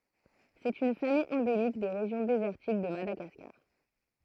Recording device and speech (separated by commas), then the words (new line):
throat microphone, read sentence
C'est une famille endémique des régions désertiques de Madagascar.